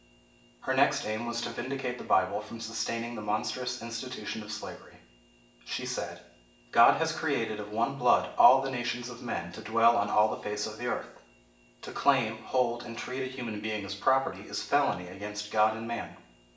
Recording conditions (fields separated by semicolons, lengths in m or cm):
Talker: one person; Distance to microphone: 1.8 m; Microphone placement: close; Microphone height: 1.0 m; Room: large; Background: none